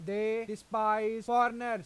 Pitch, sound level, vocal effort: 220 Hz, 98 dB SPL, loud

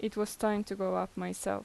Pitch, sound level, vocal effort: 195 Hz, 83 dB SPL, normal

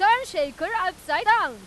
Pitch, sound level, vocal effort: 330 Hz, 108 dB SPL, very loud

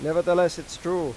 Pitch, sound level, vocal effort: 175 Hz, 94 dB SPL, loud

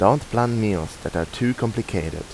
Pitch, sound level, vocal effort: 110 Hz, 84 dB SPL, normal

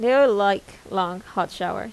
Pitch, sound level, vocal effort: 195 Hz, 85 dB SPL, normal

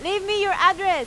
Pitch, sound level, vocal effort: 380 Hz, 98 dB SPL, very loud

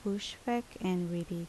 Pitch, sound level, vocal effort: 185 Hz, 74 dB SPL, normal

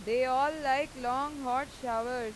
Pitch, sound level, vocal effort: 255 Hz, 98 dB SPL, loud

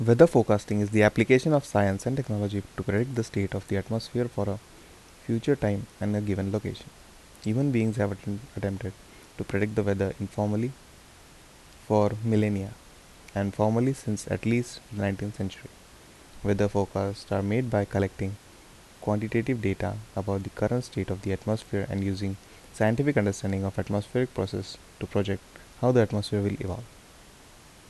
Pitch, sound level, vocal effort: 100 Hz, 75 dB SPL, soft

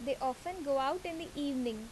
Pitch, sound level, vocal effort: 275 Hz, 84 dB SPL, normal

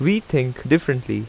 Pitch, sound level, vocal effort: 140 Hz, 83 dB SPL, very loud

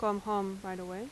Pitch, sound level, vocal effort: 200 Hz, 86 dB SPL, normal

